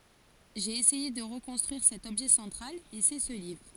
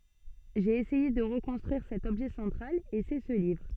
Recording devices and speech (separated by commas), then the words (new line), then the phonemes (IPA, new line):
forehead accelerometer, soft in-ear microphone, read sentence
J'ai essayé de reconstruire cet objet central, et c'est ce livre.
ʒe esɛje də ʁəkɔ̃stʁyiʁ sɛt ɔbʒɛ sɑ̃tʁal e sɛ sə livʁ